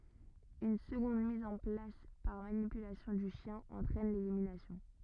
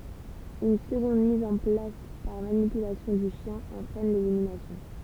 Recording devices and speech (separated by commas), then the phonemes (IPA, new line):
rigid in-ear microphone, temple vibration pickup, read sentence
yn səɡɔ̃d miz ɑ̃ plas paʁ manipylasjɔ̃ dy ʃjɛ̃ ɑ̃tʁɛn leliminasjɔ̃